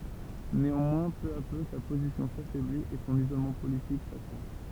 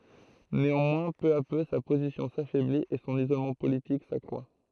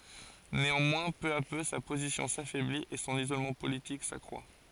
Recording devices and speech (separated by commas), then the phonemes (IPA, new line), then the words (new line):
temple vibration pickup, throat microphone, forehead accelerometer, read sentence
neɑ̃mwɛ̃ pø a pø sa pozisjɔ̃ safɛblit e sɔ̃n izolmɑ̃ politik sakʁwa
Néanmoins, peu à peu, sa position s’affaiblit, et son isolement politique s’accroît.